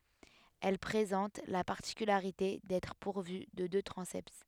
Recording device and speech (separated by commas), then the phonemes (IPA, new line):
headset microphone, read sentence
ɛl pʁezɑ̃t la paʁtikylaʁite dɛtʁ puʁvy də dø tʁɑ̃sɛt